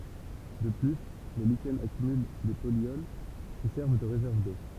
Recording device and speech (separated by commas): temple vibration pickup, read sentence